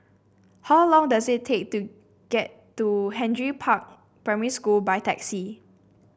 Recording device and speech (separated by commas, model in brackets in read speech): boundary microphone (BM630), read sentence